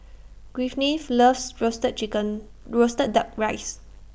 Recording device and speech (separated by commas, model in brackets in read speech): boundary microphone (BM630), read sentence